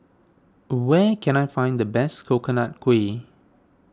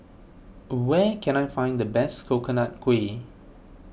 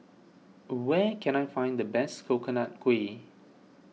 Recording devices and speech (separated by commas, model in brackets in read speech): standing microphone (AKG C214), boundary microphone (BM630), mobile phone (iPhone 6), read sentence